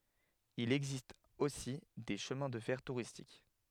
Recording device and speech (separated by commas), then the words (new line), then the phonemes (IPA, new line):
headset microphone, read sentence
Il existe aussi des chemins de fer touristiques.
il ɛɡzist osi de ʃəmɛ̃ də fɛʁ tuʁistik